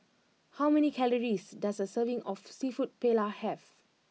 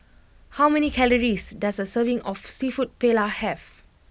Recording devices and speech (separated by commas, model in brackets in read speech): mobile phone (iPhone 6), boundary microphone (BM630), read sentence